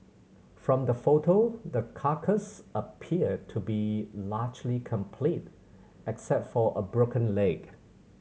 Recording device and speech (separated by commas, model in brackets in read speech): mobile phone (Samsung C7100), read sentence